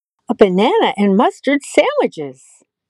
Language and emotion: English, happy